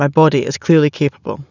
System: none